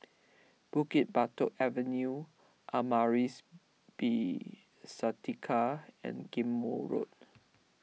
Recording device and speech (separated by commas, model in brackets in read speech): mobile phone (iPhone 6), read sentence